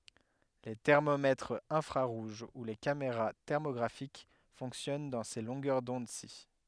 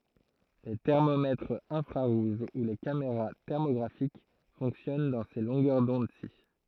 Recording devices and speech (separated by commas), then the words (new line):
headset microphone, throat microphone, read sentence
Les thermomètres infrarouges ou les caméras thermographiques fonctionnent dans ces longueurs d'onde-ci.